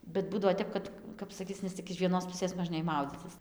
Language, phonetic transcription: Lithuanian, bet ˈbūdavo ˈtep kad ˈkap saˈkyc nes ˈtik iš ˈvienos ˈpusės možˈnėj ˈmaudzycis

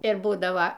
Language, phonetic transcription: Lithuanian, ir ˈbūdava

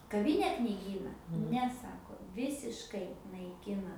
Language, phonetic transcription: Lithuanian, kaˈvyne kniˈgyna ˈne ˈsako ˈvisiškai naiˈkina

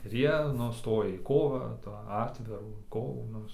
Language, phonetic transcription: Lithuanian, ir ˈjie ˈnu ˈstoja į ˈkovą tą ˈatvirų ˈkovų ˈnu

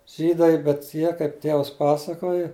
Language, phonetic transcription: Lithuanian, ˈžydai bet ˈjie kaip ˈtėvas ˈpasakoji

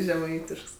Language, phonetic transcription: Lithuanian, žeˈmaitišks

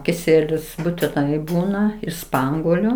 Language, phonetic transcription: Lithuanian, kiˈsielius būtiˈnai ˈbūna iš ˈspanguoliu

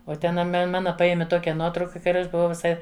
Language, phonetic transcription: Lithuanian, o ˈten a ˈme ˈmana ˈpajemi ˈtokia ˈnuotrauka ˈka ar ˈaš buˈvau viˈsai

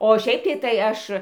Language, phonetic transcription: Lithuanian, o ˈšiaip tai tai ˈaš

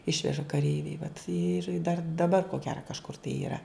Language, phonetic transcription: Lithuanian, ˈišveža kaˈreiviai vat ir dar daˈbar ko ˈgera kažˈkur tai yˈra

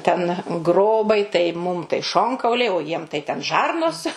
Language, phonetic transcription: Lithuanian, ten ˈgrobai tai ˈmum tai ˈšonkauliai o ˈjiem tai ten ˈžarnos

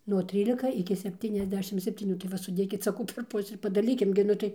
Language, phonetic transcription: Lithuanian, nuo ˈtrylika iki sepˌtyniasˈdešim septyˈnių tai ˈva suˈdėkit saˈkau per ˈpusi ir padaˈlykim gi ˈnu tai

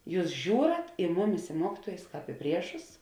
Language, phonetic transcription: Lithuanian, ˈjūs ˈžiūrat i ˈmuˌmis i ˈmuokituojus ˈkāp i ˈpriešus

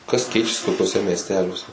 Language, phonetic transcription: Lithuanian, kas ˈkeičiasi tokiuoˈse miesˈteliuose

